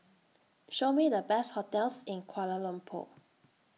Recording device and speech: mobile phone (iPhone 6), read sentence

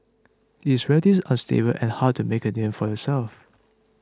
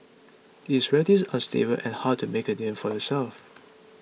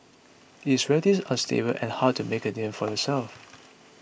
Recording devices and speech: close-talking microphone (WH20), mobile phone (iPhone 6), boundary microphone (BM630), read sentence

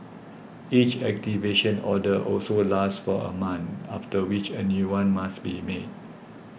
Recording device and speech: boundary microphone (BM630), read sentence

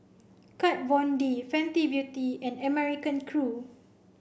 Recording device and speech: boundary microphone (BM630), read sentence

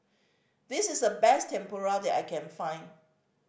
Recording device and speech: boundary microphone (BM630), read sentence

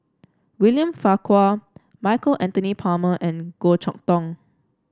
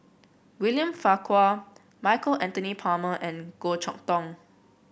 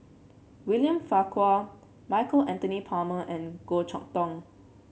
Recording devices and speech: standing microphone (AKG C214), boundary microphone (BM630), mobile phone (Samsung C7), read sentence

